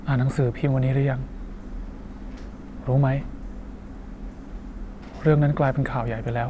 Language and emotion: Thai, frustrated